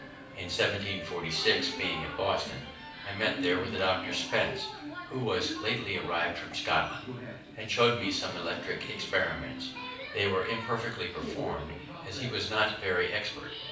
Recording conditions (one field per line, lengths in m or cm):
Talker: one person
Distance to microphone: 5.8 m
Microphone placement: far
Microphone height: 1.8 m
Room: medium-sized (5.7 m by 4.0 m)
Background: television